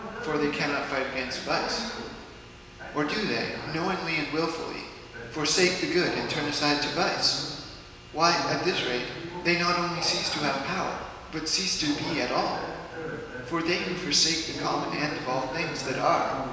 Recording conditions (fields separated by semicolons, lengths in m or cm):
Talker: one person; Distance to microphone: 1.7 m; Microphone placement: close; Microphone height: 1.0 m; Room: very reverberant, large; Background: television